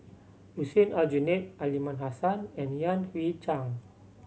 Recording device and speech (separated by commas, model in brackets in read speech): mobile phone (Samsung C7100), read sentence